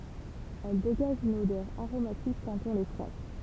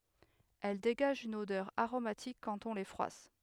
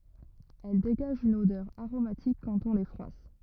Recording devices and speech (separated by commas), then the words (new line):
temple vibration pickup, headset microphone, rigid in-ear microphone, read sentence
Elles dégagent une odeur aromatique quand on les froisse.